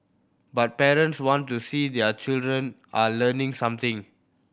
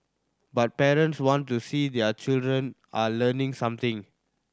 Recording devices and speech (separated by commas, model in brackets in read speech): boundary microphone (BM630), standing microphone (AKG C214), read sentence